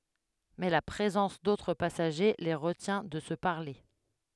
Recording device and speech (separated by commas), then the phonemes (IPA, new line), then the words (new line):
headset microphone, read sentence
mɛ la pʁezɑ̃s dotʁ pasaʒe le ʁətjɛ̃ də sə paʁle
Mais la présence d'autres passagers les retient de se parler.